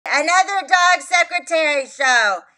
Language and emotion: English, sad